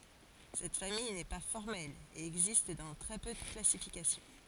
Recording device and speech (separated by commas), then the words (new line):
forehead accelerometer, read sentence
Cette famille n'est pas formelle et existe dans très peu de classifications.